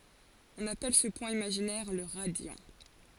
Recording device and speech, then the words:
forehead accelerometer, read sentence
On appelle ce point imaginaire le radiant.

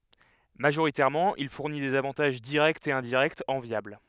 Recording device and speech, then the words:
headset microphone, read sentence
Majoritairement il fournit des avantages directs et indirects enviables.

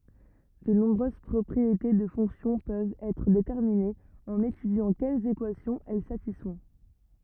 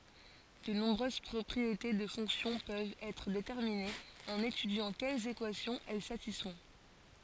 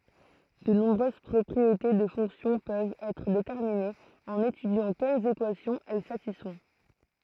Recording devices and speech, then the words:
rigid in-ear microphone, forehead accelerometer, throat microphone, read sentence
De nombreuses propriétés de fonctions peuvent être déterminées en étudiant quelles équations elles satisfont.

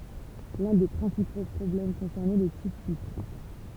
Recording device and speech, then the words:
temple vibration pickup, read sentence
L'un des principaux problèmes concernait le type bit.

